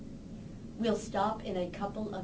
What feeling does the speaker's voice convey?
neutral